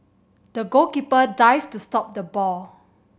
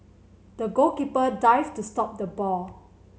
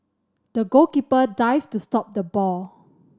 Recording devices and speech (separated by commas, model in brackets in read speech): boundary microphone (BM630), mobile phone (Samsung C7100), standing microphone (AKG C214), read sentence